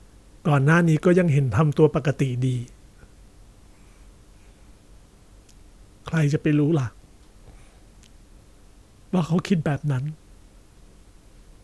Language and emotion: Thai, neutral